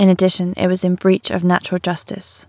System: none